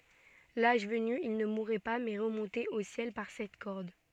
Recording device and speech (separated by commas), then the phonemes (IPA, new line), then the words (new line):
soft in-ear microphone, read sentence
laʒ vəny il nə muʁɛ pa mɛ ʁəmɔ̃tɛt o sjɛl paʁ sɛt kɔʁd
L'âge venu, ils ne mouraient pas mais remontaient au ciel par cette corde.